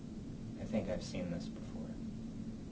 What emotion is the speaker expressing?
neutral